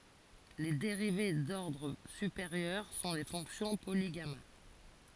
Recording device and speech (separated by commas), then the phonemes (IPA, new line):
forehead accelerometer, read sentence
le deʁive dɔʁdʁ sypeʁjœʁ sɔ̃ le fɔ̃ksjɔ̃ poliɡama